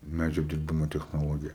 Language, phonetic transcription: Lithuanian, ˈmædžio apdirˈbimo technoˈlogija

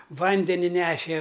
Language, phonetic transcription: Lithuanian, ˈvandeni ˈneše

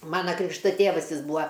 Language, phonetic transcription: Lithuanian, ˈmana ˈkrikšta ˈtėvas ˈjis ˈbūa

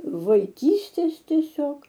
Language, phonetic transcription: Lithuanian, vaiˈkystės tieˈsiog

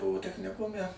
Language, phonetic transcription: Lithuanian, ˈbuvo techniˈkume

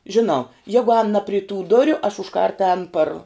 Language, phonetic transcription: Lithuanian, žiˈnau ˈjegu ēn na pri tų ˈduriu aš užˈkart ēn par

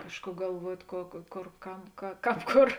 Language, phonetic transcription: Lithuanian, ˈkažˌkų galˈvuot' ko ko ˈkor ˈkam ka ˈkāp ˈkor

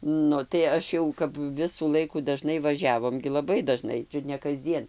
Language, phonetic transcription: Lithuanian, ˈnu tai ˈaš jau kap ˈvisų ˈlaikų daˈžnai vaˈžiavom gi laˈbai daˈžnai ˈčiut ne kasˈdzien

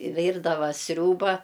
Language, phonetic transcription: Lithuanian, ˈvyrdava ˈsriūba

